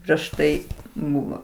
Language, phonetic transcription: Lithuanian, prieš ˈtai ˈbuvo

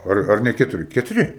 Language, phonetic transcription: Lithuanian, ˈar ˈar ne ˈketuri ketuˈri

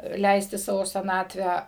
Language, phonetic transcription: Lithuanian, ˈleisti ˈsavo seˈnatvę

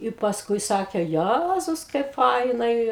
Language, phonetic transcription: Lithuanian, i pasˈkui ˈsakė ˈjæzus kaip ˈfainai

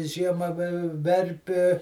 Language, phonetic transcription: Lithuanian, ˈžiema vi ˈverpi

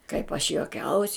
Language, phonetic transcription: Lithuanian, kaip aš joˈkiaus'

